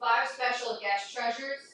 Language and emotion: English, neutral